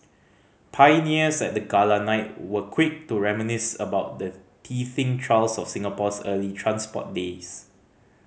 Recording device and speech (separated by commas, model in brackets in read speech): mobile phone (Samsung C5010), read sentence